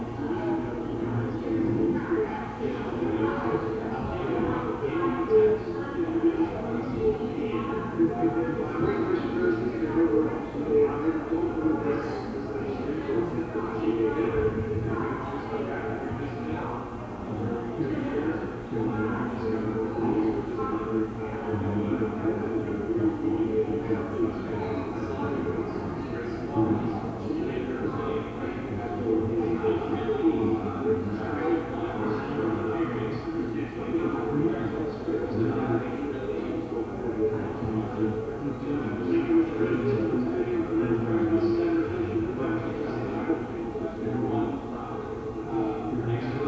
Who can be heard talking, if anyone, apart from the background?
No one.